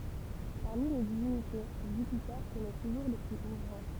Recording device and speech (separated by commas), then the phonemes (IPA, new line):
temple vibration pickup, read sentence
paʁmi le divinite ʒypite tənɛ tuʒuʁ lə ply o ʁɑ̃